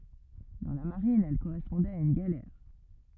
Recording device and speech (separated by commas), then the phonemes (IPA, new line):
rigid in-ear microphone, read sentence
dɑ̃ la maʁin ɛl koʁɛspɔ̃dɛt a yn ɡalɛʁ